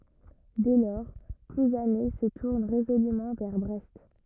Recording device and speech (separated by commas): rigid in-ear microphone, read sentence